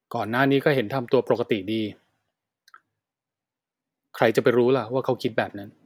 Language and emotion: Thai, frustrated